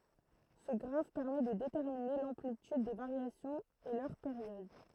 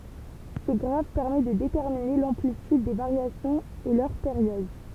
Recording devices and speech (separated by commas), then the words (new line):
throat microphone, temple vibration pickup, read sentence
Ce graphe permet de déterminer l'amplitude des variations et leur période.